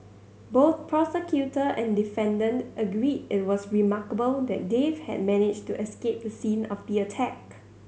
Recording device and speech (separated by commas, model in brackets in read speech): mobile phone (Samsung C7100), read sentence